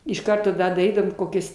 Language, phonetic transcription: Lithuanian, iš ˈkarto da daˈrydavom ˈkokias

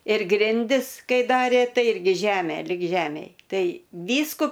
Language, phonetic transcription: Lithuanian, ir ˈgrindis ˈkai ˈdarė ˈtai ˈirgi ˈžemė lig ˈžemėj ˈtai ˈvysku

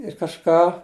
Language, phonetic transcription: Lithuanian, ir kažˈką

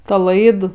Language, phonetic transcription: Lithuanian, ˈta ˈlaid

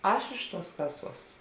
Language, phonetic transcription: Lithuanian, ˈaš iš tuos ˈkaˌsuos

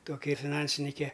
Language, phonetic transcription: Lithuanian, ˈtoki fiˈnansinike

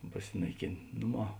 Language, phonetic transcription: Lithuanian, paˈsinaiˌkėn' ˈnuˌmā

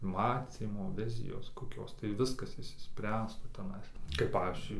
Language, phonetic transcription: Lithuanian, ˈmacymo ˈvizijos koˈkios tai ˈviskas išsiˈspręstų teˈnais kaip ˈpavyzdžiui

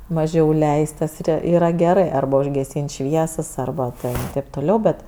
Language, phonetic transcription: Lithuanian, maˈžiau ˈleist tas ˈyra yˈra geˈrɜ ˈarba užgeˈsyn't' ˈšviesas ˈarba ten taip toˈliau ˈbet

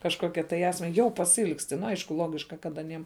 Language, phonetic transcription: Lithuanian, kažˈkokia tai ˈesme ˈjau pasiˈilgsti ˈnu ˈaišku ˈlogiška kad aˈniem

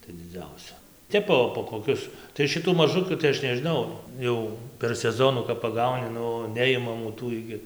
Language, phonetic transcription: Lithuanian, tai dziˈdziausia ˈtep po po koˈkius tai šiˈtų maˈžukių tai ˈaš nežiˈnau ˈjau per seˈzonu kap paˈgauni ˈnu ˈneimamų ˈtų igi

